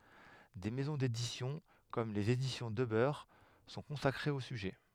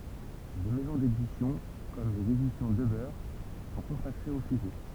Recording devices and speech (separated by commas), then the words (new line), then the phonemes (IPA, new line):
headset microphone, temple vibration pickup, read sentence
Des maisons d'édition, comme Les Éditions Debeur, sont consacrées au sujet.
de mɛzɔ̃ dedisjɔ̃ kɔm lez edisjɔ̃ dəbœʁ sɔ̃ kɔ̃sakʁez o syʒɛ